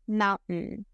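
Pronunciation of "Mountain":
In 'mountain', there is no true T sound; it is replaced by a glottal stop.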